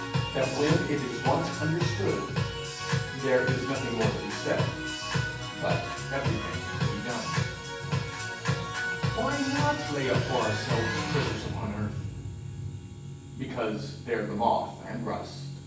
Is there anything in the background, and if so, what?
Music.